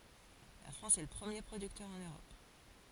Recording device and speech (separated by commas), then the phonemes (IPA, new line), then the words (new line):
forehead accelerometer, read sentence
la fʁɑ̃s ɛ lə pʁəmje pʁodyktœʁ ɑ̃n øʁɔp
La France est le premier producteur en Europe.